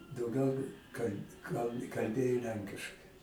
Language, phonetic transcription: Lithuanian, dauˈgiau kal' kal kalˈbėjo ˈlenkiškai

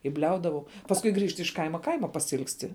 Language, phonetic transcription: Lithuanian, i ˈbliaudavau pasˈkui ˈgrįžt iš ˈkaima ˈkaima pasiilgsˈti

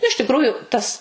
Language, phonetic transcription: Lithuanian, iš tikˈrųju ˈtas

